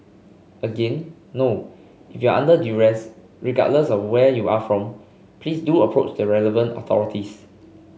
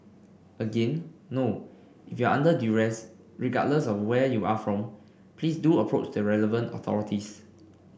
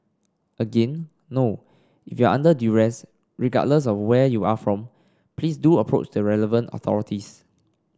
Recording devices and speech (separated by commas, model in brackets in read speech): mobile phone (Samsung C5), boundary microphone (BM630), standing microphone (AKG C214), read sentence